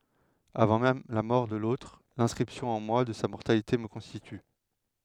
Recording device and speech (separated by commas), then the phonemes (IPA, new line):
headset microphone, read sentence
avɑ̃ mɛm la mɔʁ də lotʁ lɛ̃skʁipsjɔ̃ ɑ̃ mwa də sa mɔʁtalite mə kɔ̃stity